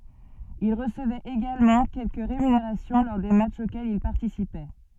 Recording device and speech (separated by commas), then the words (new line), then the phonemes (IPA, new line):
soft in-ear microphone, read sentence
Il recevait également quelques rémunérations lors des matchs auxquels il participait.
il ʁəsəvɛt eɡalmɑ̃ kɛlkə ʁemyneʁasjɔ̃ lɔʁ de matʃz okɛlz il paʁtisipɛ